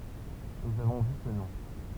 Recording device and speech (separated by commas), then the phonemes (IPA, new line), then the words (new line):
temple vibration pickup, read sentence
nuz avɔ̃ vy kə nɔ̃
Nous avons vu que non.